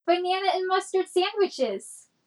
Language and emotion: English, happy